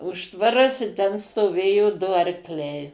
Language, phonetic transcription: Lithuanian, ˈužtvaras i ˈten stoˈvėjo ˈdu arkˈliai

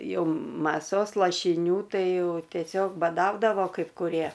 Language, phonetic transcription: Lithuanian, ˈjau maˈsos lašiˈnių ˈtai ˈjau tieˈsiog baˈdaudavo kaip kuˈrie

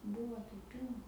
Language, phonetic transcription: Lithuanian, ˈbuvo jau ˈpylna

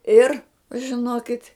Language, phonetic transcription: Lithuanian, ˈir žiˈnokit'

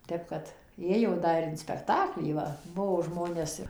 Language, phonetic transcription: Lithuanian, ˈtep kad ˈėjo ˈda ir in spekˈtaklį ˈva ˈbuvo ˈžmonės ir

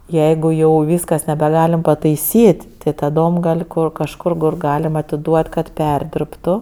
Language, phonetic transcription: Lithuanian, ˈjeigu jau ˈvyskas nebeˈgalim pataiˈsyt' ti taˈdom ˈgal' ˈko kažˈkur kur ˈgalima atiˈduot kad ˈperdirbtu

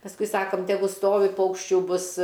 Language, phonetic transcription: Lithuanian, pasˈkui ˈsakom teˈgu ˈstovi ˈpaukščių ˈbus

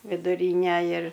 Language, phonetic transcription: Lithuanian, viduˈryne ir

